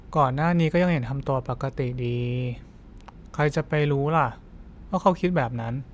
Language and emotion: Thai, frustrated